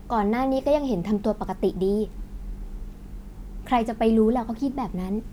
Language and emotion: Thai, neutral